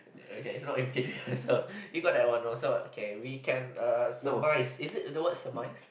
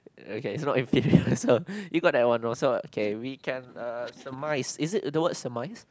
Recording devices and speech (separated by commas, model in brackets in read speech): boundary microphone, close-talking microphone, conversation in the same room